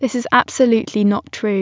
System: none